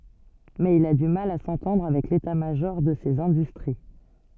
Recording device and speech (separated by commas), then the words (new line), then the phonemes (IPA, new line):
soft in-ear microphone, read sentence
Mais il a du mal à s'entendre avec l'état-major de ces industries.
mɛz il a dy mal a sɑ̃tɑ̃dʁ avɛk leta maʒɔʁ də sez ɛ̃dystʁi